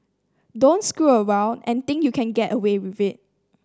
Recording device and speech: standing microphone (AKG C214), read sentence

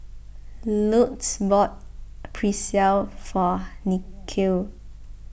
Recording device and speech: boundary microphone (BM630), read sentence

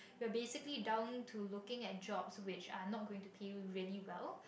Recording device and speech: boundary microphone, conversation in the same room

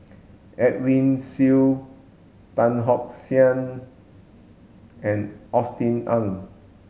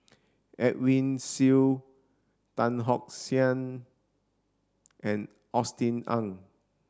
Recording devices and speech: mobile phone (Samsung S8), standing microphone (AKG C214), read sentence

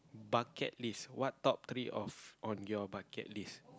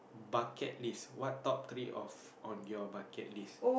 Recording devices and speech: close-talking microphone, boundary microphone, conversation in the same room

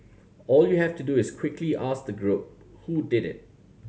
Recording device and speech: mobile phone (Samsung C7100), read sentence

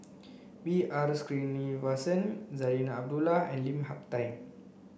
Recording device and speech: boundary microphone (BM630), read sentence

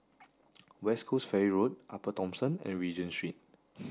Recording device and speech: standing microphone (AKG C214), read sentence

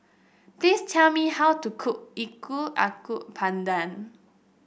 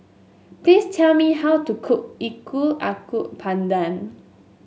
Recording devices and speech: boundary microphone (BM630), mobile phone (Samsung S8), read sentence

